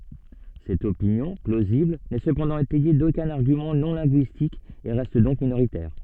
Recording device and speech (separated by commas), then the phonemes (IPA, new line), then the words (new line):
soft in-ear microphone, read sentence
sɛt opinjɔ̃ plozibl nɛ səpɑ̃dɑ̃ etɛje dokœ̃n aʁɡymɑ̃ nɔ̃ lɛ̃ɡyistik e ʁɛst dɔ̃k minoʁitɛʁ
Cette opinion, plausible, n'est cependant étayée d'aucun argument non linguistique et reste donc minoritaire.